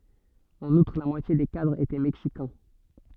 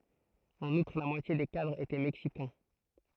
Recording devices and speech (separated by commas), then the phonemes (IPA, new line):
soft in-ear microphone, throat microphone, read sentence
ɑ̃n utʁ la mwatje de kadʁz etɛ mɛksikɛ̃